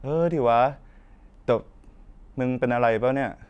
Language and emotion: Thai, frustrated